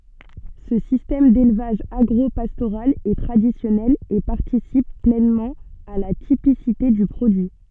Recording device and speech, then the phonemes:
soft in-ear microphone, read sentence
sə sistɛm delvaʒ aɡʁopastoʁal ɛ tʁadisjɔnɛl e paʁtisip plɛnmɑ̃ a la tipisite dy pʁodyi

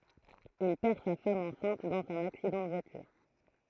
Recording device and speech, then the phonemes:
throat microphone, read sentence
il pɛʁ sa fam ɑ̃sɛ̃t dɑ̃z œ̃n aksidɑ̃ də vwatyʁ

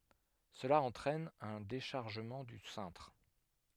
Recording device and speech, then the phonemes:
headset microphone, read sentence
səla ɑ̃tʁɛn œ̃ deʃaʁʒəmɑ̃ dy sɛ̃tʁ

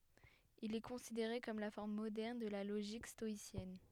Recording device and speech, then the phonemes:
headset microphone, read sentence
il ɛ kɔ̃sideʁe kɔm la fɔʁm modɛʁn də la loʒik stɔisjɛn

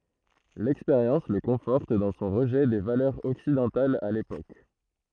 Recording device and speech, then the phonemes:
throat microphone, read sentence
lɛkspeʁjɑ̃s lə kɔ̃fɔʁt dɑ̃ sɔ̃ ʁəʒɛ de valœʁz ɔksidɑ̃talz a lepok

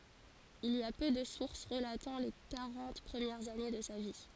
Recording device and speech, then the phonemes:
forehead accelerometer, read sentence
il i a pø də suʁs ʁəlatɑ̃ le kaʁɑ̃t pʁəmjɛʁz ane də sa vi

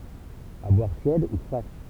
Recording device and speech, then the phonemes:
temple vibration pickup, read sentence
a bwaʁ tjɛd u fʁɛ

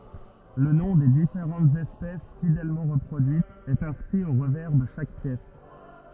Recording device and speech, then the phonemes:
rigid in-ear microphone, read sentence
lə nɔ̃ de difeʁɑ̃tz ɛspɛs fidɛlmɑ̃ ʁəpʁodyitz ɛt ɛ̃skʁi o ʁəvɛʁ də ʃak pjɛs

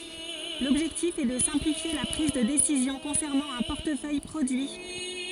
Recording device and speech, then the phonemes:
forehead accelerometer, read sentence
lɔbʒɛktif ɛ də sɛ̃plifje la pʁiz də desizjɔ̃ kɔ̃sɛʁnɑ̃ œ̃ pɔʁtəfœj pʁodyi

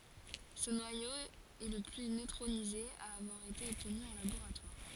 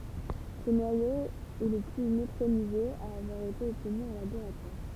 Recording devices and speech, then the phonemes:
forehead accelerometer, temple vibration pickup, read sentence
sə nwajo ɛ lə ply nøtʁonize a avwaʁ ete ɔbtny ɑ̃ laboʁatwaʁ

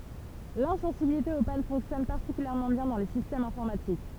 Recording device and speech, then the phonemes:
temple vibration pickup, read sentence
lɛ̃sɑ̃sibilite o pan fɔ̃ksjɔn paʁtikyljɛʁmɑ̃ bjɛ̃ dɑ̃ le sistɛmz ɛ̃fɔʁmatik

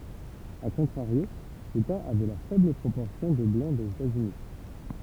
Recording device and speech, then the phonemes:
temple vibration pickup, read sentence
a kɔ̃tʁaʁjo leta avɛ la fɛbl pʁopɔʁsjɔ̃ də blɑ̃ dez etaz yni

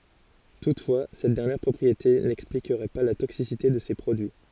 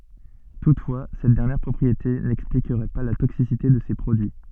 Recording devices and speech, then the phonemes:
forehead accelerometer, soft in-ear microphone, read sentence
tutfwa sɛt dɛʁnjɛʁ pʁɔpʁiete nɛksplikʁɛ pa la toksisite də se pʁodyi

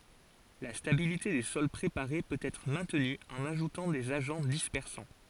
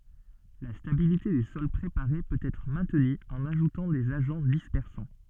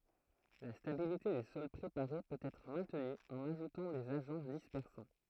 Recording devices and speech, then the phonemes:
forehead accelerometer, soft in-ear microphone, throat microphone, read sentence
la stabilite de sɔl pʁepaʁe pøt ɛtʁ mɛ̃tny ɑ̃n aʒutɑ̃ dez aʒɑ̃ dispɛʁsɑ̃

